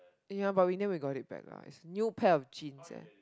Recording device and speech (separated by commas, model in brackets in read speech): close-talking microphone, conversation in the same room